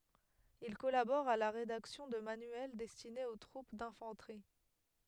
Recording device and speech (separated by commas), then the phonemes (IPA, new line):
headset microphone, read sentence
il kɔlabɔʁ a la ʁedaksjɔ̃ də manyɛl dɛstinez o tʁup dɛ̃fɑ̃tʁi